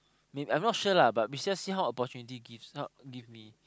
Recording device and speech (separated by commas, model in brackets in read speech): close-talking microphone, conversation in the same room